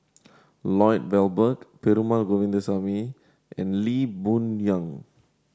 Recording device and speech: standing microphone (AKG C214), read sentence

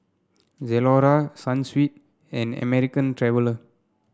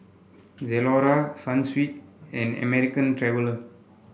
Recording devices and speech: standing microphone (AKG C214), boundary microphone (BM630), read sentence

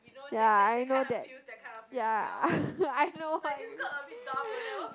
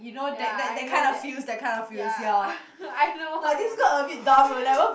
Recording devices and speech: close-talking microphone, boundary microphone, conversation in the same room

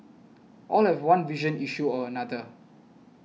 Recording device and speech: mobile phone (iPhone 6), read sentence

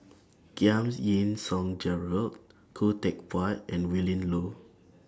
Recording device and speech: standing microphone (AKG C214), read sentence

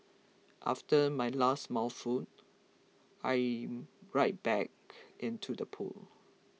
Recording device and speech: mobile phone (iPhone 6), read sentence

